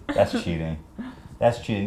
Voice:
Singy-songy voice